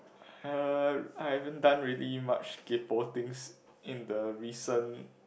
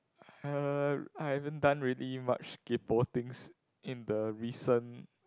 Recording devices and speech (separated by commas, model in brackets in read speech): boundary microphone, close-talking microphone, conversation in the same room